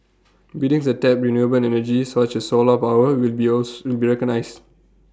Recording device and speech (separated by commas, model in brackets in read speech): standing microphone (AKG C214), read sentence